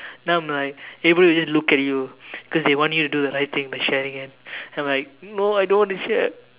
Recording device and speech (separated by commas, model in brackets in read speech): telephone, conversation in separate rooms